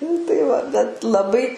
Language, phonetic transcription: Lithuanian, nu tai ˈva bet laˈbai

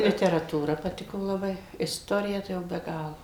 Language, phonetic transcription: Lithuanian, literaˈtūra paˈtiko laˈbai isˈtorija ˈtai jau be ˈgalo

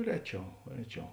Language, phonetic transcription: Lithuanian, ˈreˌčiau ˈreˌčiau

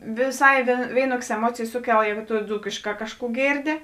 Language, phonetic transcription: Lithuanian, viˈsai ˈvėinuokės eˈmuocėjės ˈsuˌkel ˈjēgu tu ˈdzūkėšˌkā ˈkažˌkų ˈgėrˌdi

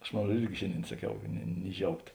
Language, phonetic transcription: Lithuanian, ˈaš mon ˈruod ˈirgi ˈšėnˌdėin saˈkiau ni ni ˈžiaugt

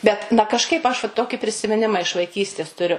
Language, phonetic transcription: Lithuanian, ˈbet na kažˈkaip aš va ˈtoki prisimiˈnima iš vaiˈkystės tuˈriu

